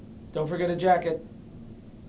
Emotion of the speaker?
neutral